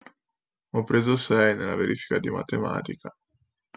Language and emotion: Italian, sad